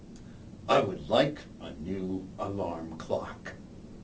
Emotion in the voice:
angry